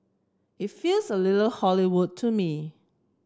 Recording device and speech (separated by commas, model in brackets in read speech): close-talking microphone (WH30), read sentence